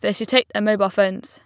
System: none